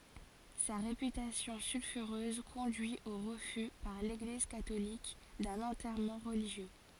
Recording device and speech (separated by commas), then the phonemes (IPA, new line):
forehead accelerometer, read sentence
sa ʁepytasjɔ̃ sylfyʁøz kɔ̃dyi o ʁəfy paʁ leɡliz katolik dœ̃n ɑ̃tɛʁmɑ̃ ʁəliʒjø